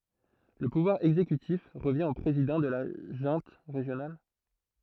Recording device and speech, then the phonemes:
throat microphone, read sentence
lə puvwaʁ ɛɡzekytif ʁəvjɛ̃ o pʁezidɑ̃ də la ʒœ̃t ʁeʒjonal

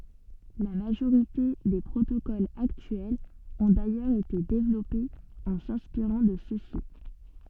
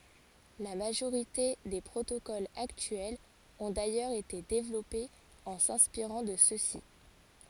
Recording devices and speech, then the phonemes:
soft in-ear microphone, forehead accelerometer, read sentence
la maʒoʁite de pʁotokolz aktyɛlz ɔ̃ dajœʁz ete devlɔpez ɑ̃ sɛ̃spiʁɑ̃ də søksi

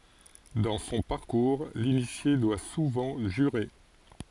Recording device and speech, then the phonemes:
forehead accelerometer, read sentence
dɑ̃ sɔ̃ paʁkuʁ linisje dwa suvɑ̃ ʒyʁe

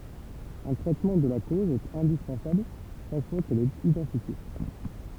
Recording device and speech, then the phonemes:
temple vibration pickup, read sentence
œ̃ tʁɛtmɑ̃ də la koz ɛt ɛ̃dispɑ̃sabl ʃak fwa kɛl ɛt idɑ̃tifje

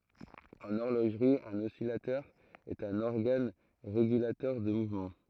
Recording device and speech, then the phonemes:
throat microphone, read sentence
ɑ̃n ɔʁloʒʁi œ̃n ɔsilatœʁ ɛt œ̃n ɔʁɡan ʁeɡylatœʁ də muvmɑ̃

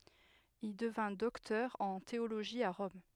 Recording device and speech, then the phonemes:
headset microphone, read sentence
il dəvɛ̃ dɔktœʁ ɑ̃ teoloʒi a ʁɔm

